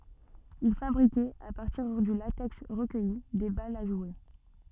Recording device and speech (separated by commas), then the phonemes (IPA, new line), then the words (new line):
soft in-ear microphone, read sentence
il fabʁikɛt a paʁtiʁ dy latɛks ʁəkœji de balz a ʒwe
Ils fabriquaient, à partir du latex recueilli, des balles à jouer.